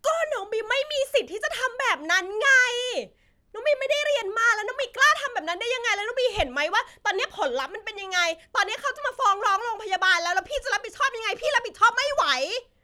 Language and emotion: Thai, angry